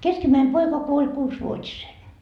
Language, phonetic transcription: Finnish, 'keskimäim 'poika kuoĺ "kuusvuot́isen .
- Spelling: keskimmäinen poika kuoli kuusivuotisena

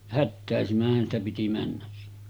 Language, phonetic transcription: Finnish, 'hättä̀esimäh̆hän ‿stä piti männäs siɴɴᴇ .
- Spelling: hätäisimmäthän sitä piti mennä sinne

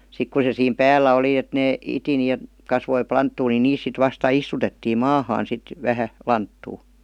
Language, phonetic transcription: Finnish, 'sik ku se siim "päällä oli et nee , 'iti ni e- , kasvoi 'planttuu ni "niis sit vasta 'istutettiim "maahaan sit , 'vähä , 'lanttuu .
- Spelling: sitten kun se siinä päällä oli että ne iti niin - kasvoi lanttua niin niistä sitten vasta istutettiin maahan sitten vähän lanttua

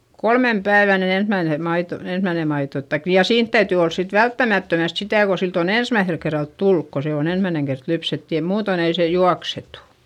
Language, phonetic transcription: Finnish, kolmem päivän ni ensmäine , maito , ensmäine maito taik - ja siint täytỳ ols sit välttämättömäst sitä̀ ko silt ‿on ‿ensmäiϑel kerralt tulluk ko se on ‿ensmäineŋ kert lypset ja muuton ‿ei sè juaksetu .
- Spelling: kolmen päivän niin ensimmäinen maito ensimmäinen maito tai ja siinä täytyy olla sitten välttämättömästi sitä kun siltä on ensimmäisellä kerralla tullut kun se on ensimmäinen kerta lypsetty ja muuten ei se juoksetu

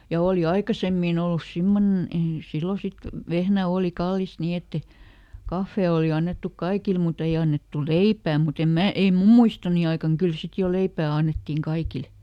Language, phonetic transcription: Finnish, ja ˈooli "aikasemmìn ‿ollus ˈsimmonen , ei ˈsillo sit , ˈvehnä ˈooli ˈkallist "ni ette , "kaffè oli ˈannettuk ˈkaikil muˈt ‿ei annettu "leipää mut ‿em ˈmää , ei "mum muistoni aikaŋ ˈkyl ˈsit jo ˈleipää annettìŋ ˈkaikil .
- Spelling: ja oli aikaisemmin ollut semmoinen ei silloin sitten vehnä oli kallista niin että ei kahvi oli annettu kaikille mutta ei annettu leipää mutta en minä ei minun muistoni aikana kyllä sitten jo leipää annettiin kaikille

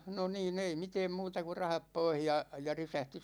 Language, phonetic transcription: Finnish, 'no niin , 'ei "miteem 'muuta ku "rahap 'poih ja , ja 'risähti .
- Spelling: no niin ei mitään muuta kuin rahat pois ja ja resepti

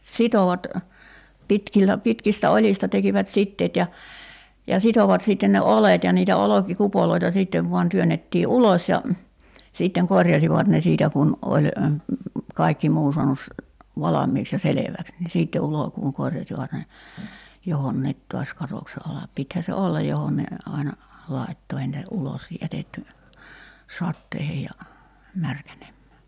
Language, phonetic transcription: Finnish, 'sitovat , 'pitkillä , 'pitkistä 'oĺista 'tekivät "sitteet ja , ja 'sitovat sìtten ne "olet ja niitä 'oloki'kupoloita 'sìttev vuan 'työn̆nettii "uloś ja , siitteŋ "korjasivat ne 'siitä kun , 'oĺ , 'kaikki 'muu suanus , 'valam̆miiks ja "seleväks ni 'siitte 'ulokuuŋ 'korjasivat ne , 'johonniit to̭as "katokse alap 'pithä se "ollaj 'johon ne , 'aina , 'laitto ei nitä , 'ulos 'jätetty , 'satteihej ja , 'märkänemmää .
- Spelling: sitoivat pitkillä pitkistä oljista tekivät siteet ja ja sitoivat sitten ne oljet ja niitä olkikupoja sitten vain työnnettiin ulos ja sitten korjasivat ne siitä kun oli kaikki muu saanut valmiiksi ja selväksi niin sitten ulkoon korjasivat ne johonkin taas katoksen alle pitihän se olla johon ne aina laittoi ei niitä ulos jätetty sateisiin ja märkänemään

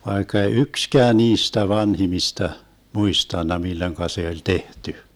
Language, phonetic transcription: Finnish, 'vaikka ei "ykskää 'niistä 'vanhimista , 'muistanna 'milloⁱŋka se oĺ 'tehty .
- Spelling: vaikka ei yksikään niistä vanhimmista muistanut milloin se oli tehty

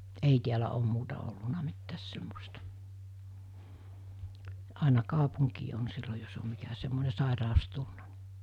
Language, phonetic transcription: Finnish, 'ei tiälä om muuta olluna mittääs semmosta , 'àina "kàopuŋkii on sillo jos om̆ mikä semmone 'sàeràos 'tulna (ni) .
- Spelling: ei täällä ole muuta ollut mitään semmoista aina kaupunkiin on silloin jos on mikä semmoinen sairaus tullut niin

